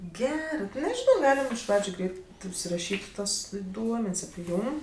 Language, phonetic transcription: Lithuanian, ˈgerɜ ti nežiˈnau ˈgalim iš ˈpradžiu ˈgreit užsiraˈšyt' ˈtuos ˈduomen's' api ˈjūm

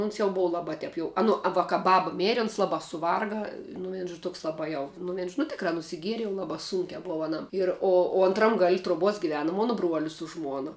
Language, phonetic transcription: Lithuanian, uns jau ˈbova ˈlaba ˈteip jau a ˈnu a va ka ˈbaba ˈmeri ˈuns ˈlabā suˈvarga nu ˈvien žo ˈtoks ˈlabā jau nu ˈvien žo nu tikˈrā nusiˈgieri jau ˈlabā ˈsūnkiā ˈbova aˈnam ir ˈo o antˈram gal' truoˈbuos giˈvenu ˈmono ˈbruolis su ˈžmuona

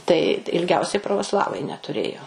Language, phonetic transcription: Lithuanian, tai ilˈgiausiai pravoˈslavai netuˈrėjo

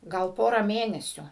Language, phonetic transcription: Lithuanian, ˈgal ˈpora ˈmėnesiu

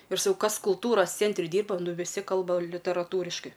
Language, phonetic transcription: Lithuanian, ir saˈkau ˈkas kulˈtūras ˈcentri ˈdyrba ˈnu viˈsi ˈkalba literaˈtūriškai

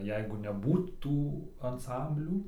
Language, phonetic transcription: Lithuanian, ˈjeigu neˈbūt tų anˈsamblių

